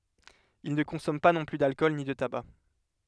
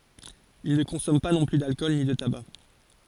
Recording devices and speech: headset microphone, forehead accelerometer, read sentence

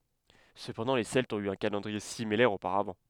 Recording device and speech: headset microphone, read sentence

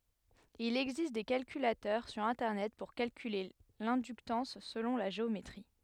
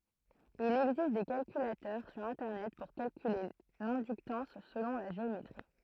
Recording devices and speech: headset microphone, throat microphone, read sentence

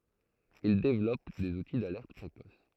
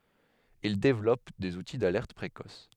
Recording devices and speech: throat microphone, headset microphone, read sentence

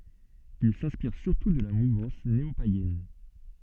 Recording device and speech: soft in-ear microphone, read sentence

